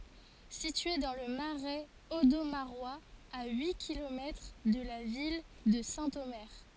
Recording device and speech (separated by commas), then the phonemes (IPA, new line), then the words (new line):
forehead accelerometer, read sentence
sitye dɑ̃ lə maʁɛz odomaʁwaz a yi kilomɛtʁ də la vil də sɛ̃tome
Située dans le Marais audomarois, à huit kilomètres de la ville de Saint-Omer.